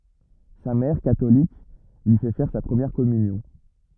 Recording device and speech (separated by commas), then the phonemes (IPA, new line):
rigid in-ear microphone, read sentence
sa mɛʁ katolik lyi fɛ fɛʁ sa pʁəmjɛʁ kɔmynjɔ̃